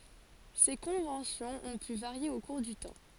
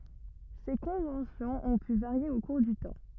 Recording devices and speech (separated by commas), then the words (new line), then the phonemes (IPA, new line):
forehead accelerometer, rigid in-ear microphone, read sentence
Ces conventions ont pu varier au cours du temps.
se kɔ̃vɑ̃sjɔ̃z ɔ̃ py vaʁje o kuʁ dy tɑ̃